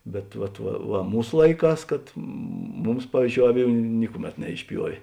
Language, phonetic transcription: Lithuanian, bet ˈvat va va ˈmūs ˈlaiˌkās kad ˈmums ˈpavyzˌdžiou ˈaˌvių ˈnikuˌmet neišˈpjuovė

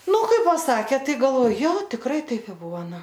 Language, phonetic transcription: Lithuanian, ˈnu ˈkai paˈsakė ˈtai galˈvoj ˈjo tikˈrai ˈtaip i ˈbuvo ˈnu

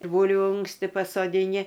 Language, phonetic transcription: Lithuanian, ˈbūlviu ˈunksti pasodiˈni

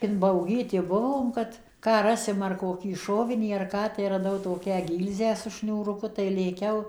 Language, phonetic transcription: Lithuanian, inbauˈgyti ˈbuvom kad ˈką ˈrasim ar koˈkį ˈšovinį ar ˈką tai raˈdau toˈkią ˈgylzę su šniūruˈku tai lėˈkiau

